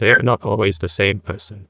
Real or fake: fake